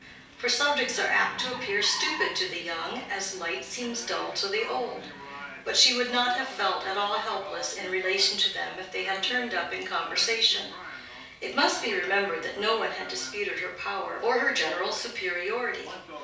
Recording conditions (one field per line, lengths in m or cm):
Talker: one person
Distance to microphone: 3.0 m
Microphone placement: far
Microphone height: 1.8 m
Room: small (3.7 m by 2.7 m)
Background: television